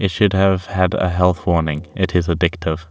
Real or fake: real